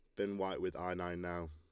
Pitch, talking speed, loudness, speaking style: 90 Hz, 275 wpm, -40 LUFS, Lombard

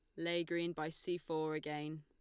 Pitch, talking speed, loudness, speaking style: 160 Hz, 200 wpm, -40 LUFS, Lombard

